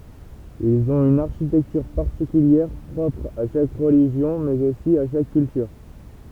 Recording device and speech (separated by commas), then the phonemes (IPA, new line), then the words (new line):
temple vibration pickup, read sentence
ilz ɔ̃t yn aʁʃitɛktyʁ paʁtikyljɛʁ pʁɔpʁ a ʃak ʁəliʒjɔ̃ mɛz osi a ʃak kyltyʁ
Ils ont une architecture particulière, propre à chaque religion, mais aussi à chaque culture.